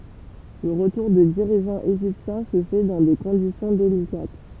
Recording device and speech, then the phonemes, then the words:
temple vibration pickup, read sentence
lə ʁətuʁ də diʁiʒɑ̃z eʒiptjɛ̃ sə fɛ dɑ̃ de kɔ̃disjɔ̃ delikat
Le retour de dirigeants égyptien se fait dans des conditions délicates.

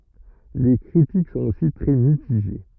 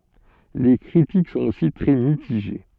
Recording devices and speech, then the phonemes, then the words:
rigid in-ear microphone, soft in-ear microphone, read sentence
le kʁitik sɔ̃t osi tʁɛ mitiʒe
Les critiques sont aussi très mitigées.

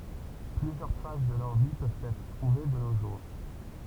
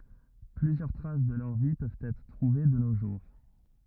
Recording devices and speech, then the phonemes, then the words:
temple vibration pickup, rigid in-ear microphone, read sentence
plyzjœʁ tʁas də lœʁ vi pøvt ɛtʁ tʁuve də no ʒuʁ
Plusieurs traces de leur vie peuvent être trouvées de nos jours.

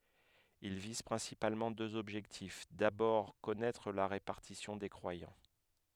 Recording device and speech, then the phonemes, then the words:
headset microphone, read sentence
il viz pʁɛ̃sipalmɑ̃ døz ɔbʒɛktif dabɔʁ kɔnɛtʁ la ʁepaʁtisjɔ̃ de kʁwajɑ̃
Ils visent principalement deux objectifs: d'abord, connaître la répartition des croyants.

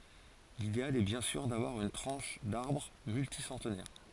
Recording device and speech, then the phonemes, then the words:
forehead accelerometer, read sentence
lideal ɛ bjɛ̃ syʁ davwaʁ yn tʁɑ̃ʃ daʁbʁ mylti sɑ̃tnɛʁ
L'idéal est bien sûr d'avoir une tranche d'arbre multi-centenaire.

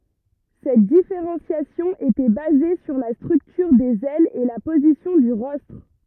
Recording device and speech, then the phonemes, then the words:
rigid in-ear microphone, read sentence
sɛt difeʁɑ̃sjasjɔ̃ etɛ baze syʁ la stʁyktyʁ dez ɛlz e la pozisjɔ̃ dy ʁɔstʁ
Cette différenciation était basée sur la structure des ailes et la position du rostre.

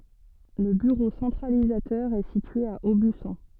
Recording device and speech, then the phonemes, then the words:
soft in-ear microphone, read sentence
lə byʁo sɑ̃tʁalizatœʁ ɛ sitye a obysɔ̃
Le bureau centralisateur est situé à Aubusson.

